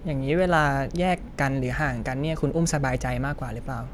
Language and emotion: Thai, neutral